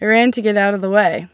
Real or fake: real